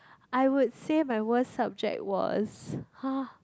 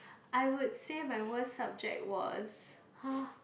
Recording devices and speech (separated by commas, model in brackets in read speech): close-talking microphone, boundary microphone, conversation in the same room